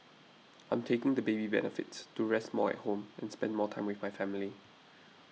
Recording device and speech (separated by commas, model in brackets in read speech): mobile phone (iPhone 6), read sentence